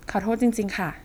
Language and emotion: Thai, neutral